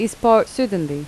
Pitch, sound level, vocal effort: 220 Hz, 83 dB SPL, normal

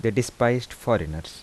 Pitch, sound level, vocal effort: 115 Hz, 81 dB SPL, soft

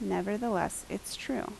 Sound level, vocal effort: 77 dB SPL, normal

